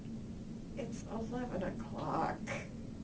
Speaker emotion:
sad